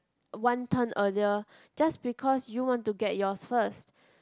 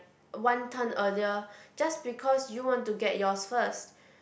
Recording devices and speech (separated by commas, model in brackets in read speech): close-talking microphone, boundary microphone, conversation in the same room